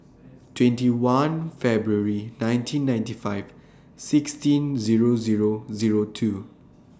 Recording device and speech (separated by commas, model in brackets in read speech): standing microphone (AKG C214), read sentence